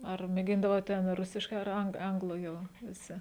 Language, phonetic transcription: Lithuanian, ar mėˈgindavot ˈten ˈrusiškai ar ˈang ˈanglu ˈjau viˈsi

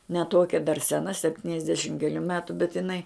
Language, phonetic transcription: Lithuanian, ne ˈtuokia dar seˈna sepˈtyniasdešim keˈlių ˈmetu bet iˈnai

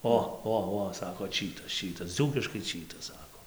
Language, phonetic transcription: Lithuanian, ˈo ˈo ˈo ˈsako ˈčytas ˈčytas ˈdzūkiškai ˈčytas ˈsako

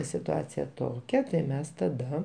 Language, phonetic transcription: Lithuanian, situˈacija ˈtokia tai ˈmes taˈda

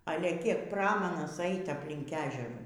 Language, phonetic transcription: Lithuanian, ˈale ˈkiek ˈpramanas ˈeit apˈlink ˈežerų

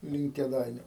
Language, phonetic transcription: Lithuanian, link kėˈdainiu

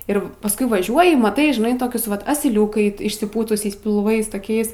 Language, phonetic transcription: Lithuanian, ir pasˈkui vaˈžiuoji maˈtai žiˈnai ˈtokius vat asiˈliūkai išsiˈpūtusiais pilˈvais toˈkiais

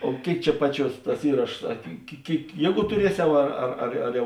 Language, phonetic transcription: Lithuanian, o ˈkėik ˈčia ˈpaˌčiuos ˈtas ˈįrašos ˈa ki ki ˈkėik ˈjieˌgų tuˈrieˌsiau ˈar ar ar ar ˈjau

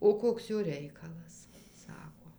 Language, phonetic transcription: Lithuanian, o ˈkoks ˈjo ˈreikalas ˈsako

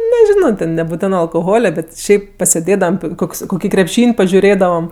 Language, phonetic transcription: Lithuanian, neˈžino ten nebuˈtenɜ alkoˈhole ˈbet ˈšiaip paseˈdėdavam ˈkoks koˈkį krepˈšyn' pažiuˈrėdavam

